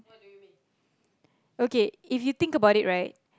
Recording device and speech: close-talking microphone, conversation in the same room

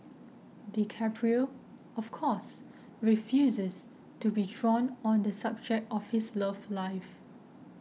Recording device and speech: mobile phone (iPhone 6), read sentence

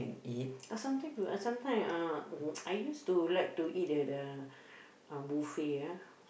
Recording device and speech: boundary microphone, conversation in the same room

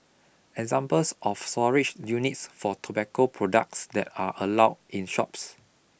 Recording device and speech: boundary microphone (BM630), read sentence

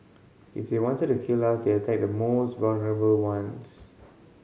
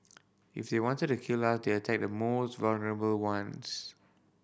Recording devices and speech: mobile phone (Samsung C5010), boundary microphone (BM630), read sentence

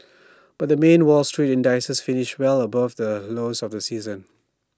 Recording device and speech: standing microphone (AKG C214), read sentence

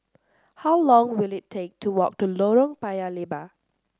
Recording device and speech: standing microphone (AKG C214), read sentence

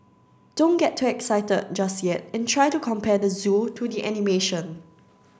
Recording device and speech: standing microphone (AKG C214), read sentence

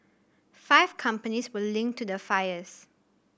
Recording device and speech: boundary microphone (BM630), read sentence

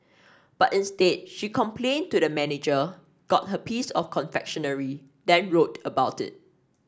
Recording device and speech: standing microphone (AKG C214), read sentence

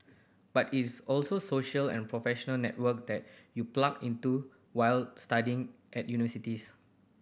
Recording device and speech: boundary microphone (BM630), read sentence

